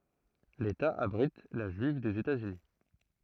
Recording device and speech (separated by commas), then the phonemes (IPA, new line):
throat microphone, read sentence
leta abʁit la ʒyiv dez etaz yni